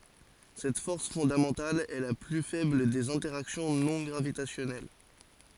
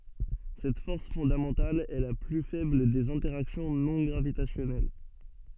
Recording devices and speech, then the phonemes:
forehead accelerometer, soft in-ear microphone, read sentence
sɛt fɔʁs fɔ̃damɑ̃tal ɛ la ply fɛbl dez ɛ̃tɛʁaksjɔ̃ nɔ̃ ɡʁavitasjɔnɛl

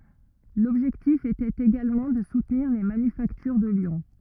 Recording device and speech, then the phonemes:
rigid in-ear microphone, read sentence
lɔbʒɛktif etɛt eɡalmɑ̃ də sutniʁ le manyfaktyʁ də ljɔ̃

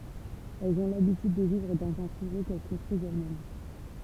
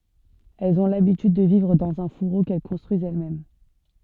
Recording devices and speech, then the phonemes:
temple vibration pickup, soft in-ear microphone, read sentence
ɛlz ɔ̃ labityd də vivʁ dɑ̃z œ̃ fuʁo kɛl kɔ̃stʁyizt ɛlɛsmɛm

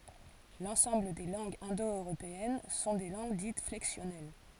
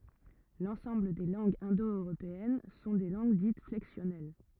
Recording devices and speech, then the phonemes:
forehead accelerometer, rigid in-ear microphone, read sentence
lɑ̃sɑ̃bl de lɑ̃ɡz ɛ̃do øʁopeɛn sɔ̃ de lɑ̃ɡ dit flɛksjɔnɛl

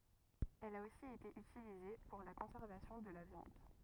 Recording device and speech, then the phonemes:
rigid in-ear microphone, read sentence
ɛl a osi ete ytilize puʁ la kɔ̃sɛʁvasjɔ̃ də la vjɑ̃d

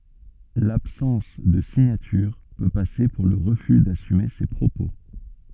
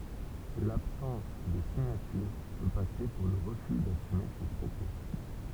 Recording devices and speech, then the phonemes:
soft in-ear microphone, temple vibration pickup, read sentence
labsɑ̃s də siɲatyʁ pø pase puʁ lə ʁəfy dasyme se pʁopo

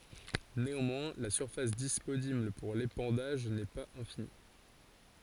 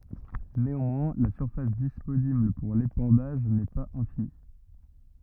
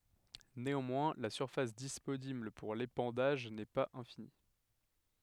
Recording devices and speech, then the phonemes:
forehead accelerometer, rigid in-ear microphone, headset microphone, read sentence
neɑ̃mwɛ̃ la syʁfas disponibl puʁ lepɑ̃daʒ nɛ paz ɛ̃fini

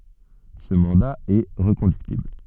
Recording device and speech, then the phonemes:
soft in-ear microphone, read sentence
sə mɑ̃da ɛ ʁəkɔ̃dyktibl

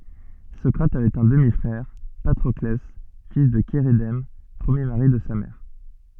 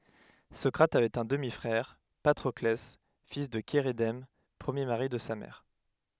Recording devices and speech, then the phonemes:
soft in-ear microphone, headset microphone, read sentence
sɔkʁat avɛt œ̃ dəmi fʁɛʁ patʁɔklɛ fil də ʃeʁedɛm pʁəmje maʁi də sa mɛʁ

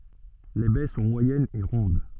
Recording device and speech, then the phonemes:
soft in-ear microphone, read sentence
le bɛ sɔ̃ mwajɛnz e ʁɔ̃d

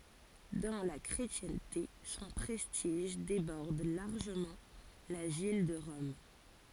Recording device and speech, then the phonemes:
forehead accelerometer, read sentence
dɑ̃ la kʁetjɛ̃te sɔ̃ pʁɛstiʒ debɔʁd laʁʒəmɑ̃ la vil də ʁɔm

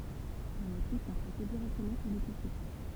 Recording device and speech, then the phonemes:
temple vibration pickup, read sentence
le motif sɔ̃ tʁase diʁɛktəmɑ̃ syʁ lə tisy

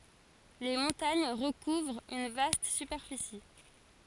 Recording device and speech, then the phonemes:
forehead accelerometer, read sentence
le mɔ̃taɲ ʁəkuvʁt yn vast sypɛʁfisi

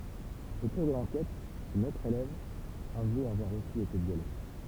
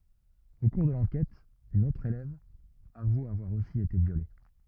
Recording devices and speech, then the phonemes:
temple vibration pickup, rigid in-ear microphone, read sentence
o kuʁ də lɑ̃kɛt yn otʁ elɛv avu avwaʁ osi ete vjole

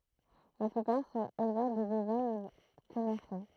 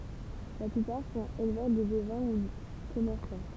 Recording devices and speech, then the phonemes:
throat microphone, temple vibration pickup, read sentence
la plypaʁ sɔ̃t elvœʁ də bovɛ̃ u kɔmɛʁsɑ̃

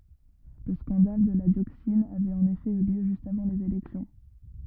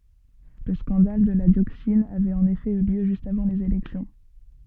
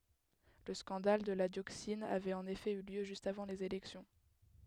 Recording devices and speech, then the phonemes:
rigid in-ear microphone, soft in-ear microphone, headset microphone, read sentence
lə skɑ̃dal də la djoksin avɛt ɑ̃n efɛ y ljø ʒyst avɑ̃ lez elɛksjɔ̃

